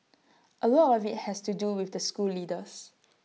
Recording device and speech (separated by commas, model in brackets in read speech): mobile phone (iPhone 6), read sentence